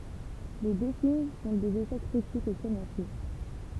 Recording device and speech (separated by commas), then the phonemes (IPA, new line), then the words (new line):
temple vibration pickup, read sentence
le dø film sɔ̃ dez eʃɛk kʁitikz e kɔmɛʁsjo
Les deux films sont des échecs critiques et commerciaux.